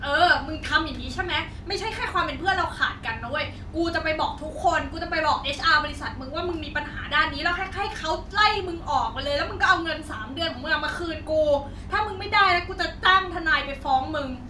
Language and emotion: Thai, angry